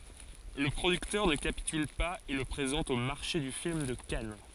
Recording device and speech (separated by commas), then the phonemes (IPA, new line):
forehead accelerometer, read sentence
lə pʁodyktœʁ nə kapityl paz e lə pʁezɑ̃t o maʁʃe dy film də kan